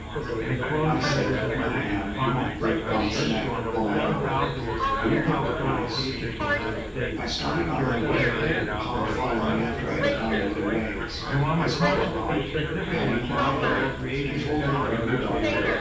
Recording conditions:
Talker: one person; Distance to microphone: 9.8 m; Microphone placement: far; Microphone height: 1.8 m; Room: large; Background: babble

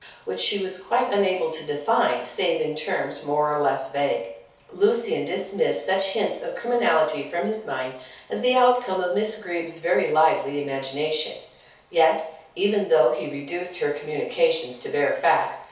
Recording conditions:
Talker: one person; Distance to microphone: 3.0 m; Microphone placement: far; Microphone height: 1.8 m; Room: small (3.7 m by 2.7 m); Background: none

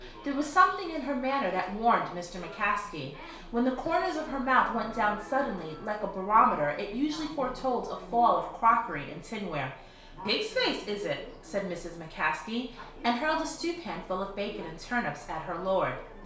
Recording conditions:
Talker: one person; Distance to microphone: 1.0 m; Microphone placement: close; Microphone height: 1.1 m; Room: small (3.7 m by 2.7 m); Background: television

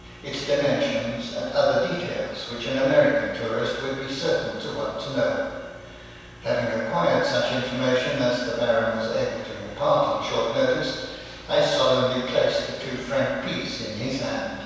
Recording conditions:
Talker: one person; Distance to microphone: 7.1 m; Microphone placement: far; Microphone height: 1.7 m; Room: very reverberant, large; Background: none

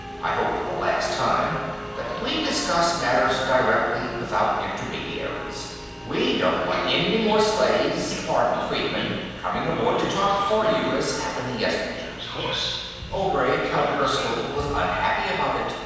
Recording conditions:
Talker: one person; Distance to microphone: 7.1 m; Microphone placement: far; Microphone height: 1.7 m; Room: very reverberant, large; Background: television

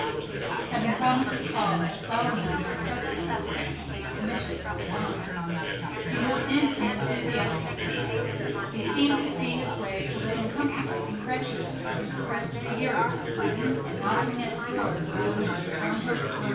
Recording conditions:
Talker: one person; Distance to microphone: 9.8 m; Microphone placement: far; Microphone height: 1.8 m; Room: large; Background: babble

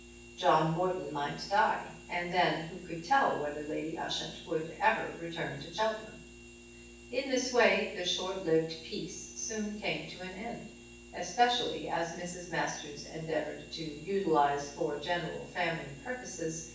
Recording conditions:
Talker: one person; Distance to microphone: 9.8 m; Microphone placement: far; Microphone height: 1.8 m; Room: large; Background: none

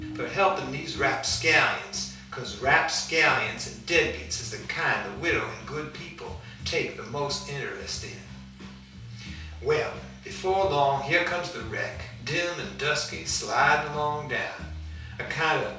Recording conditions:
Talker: one person; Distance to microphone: 3.0 m; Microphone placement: far; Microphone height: 1.8 m; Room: small (3.7 m by 2.7 m); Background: music

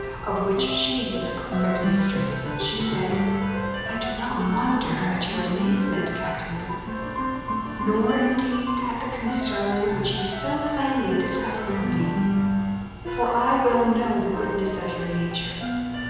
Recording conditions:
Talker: one person; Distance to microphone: 7.1 m; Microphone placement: far; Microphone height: 1.7 m; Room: very reverberant, large; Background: music

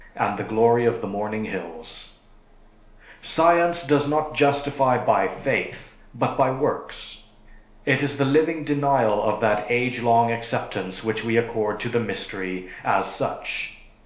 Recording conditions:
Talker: one person; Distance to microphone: 1.0 m; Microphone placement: close; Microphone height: 1.1 m; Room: small (3.7 m by 2.7 m); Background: none

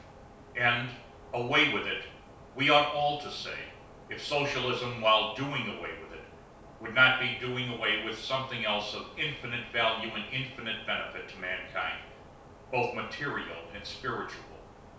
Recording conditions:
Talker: one person; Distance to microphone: 3.0 m; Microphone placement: far; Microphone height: 1.8 m; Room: small (3.7 m by 2.7 m); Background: none

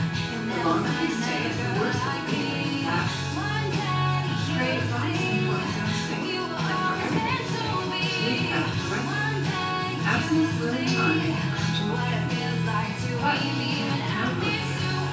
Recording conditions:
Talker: one person; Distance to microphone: 9.8 m; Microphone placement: far; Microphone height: 1.8 m; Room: large; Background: music

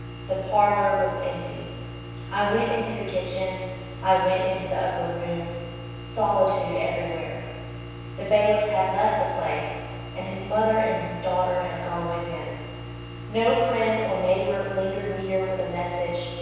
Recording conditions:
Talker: one person; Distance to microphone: 7.1 m; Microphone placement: far; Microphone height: 1.7 m; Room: very reverberant, large; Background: none

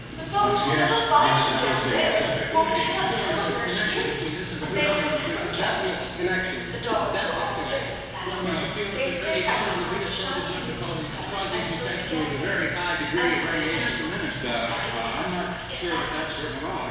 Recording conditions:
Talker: one person; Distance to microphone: 7.1 m; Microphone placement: far; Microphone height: 1.7 m; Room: very reverberant, large; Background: television

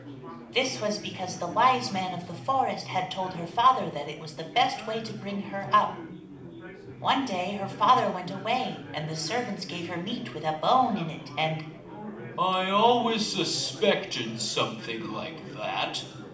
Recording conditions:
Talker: one person; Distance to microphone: 2.0 m; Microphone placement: close; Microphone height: 99 cm; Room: medium-sized (5.7 m by 4.0 m); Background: babble

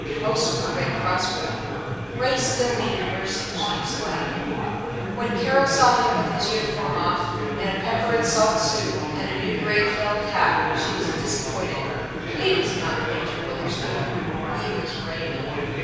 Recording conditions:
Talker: one person; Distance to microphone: 7.1 m; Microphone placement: far; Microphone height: 1.7 m; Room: very reverberant, large; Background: babble

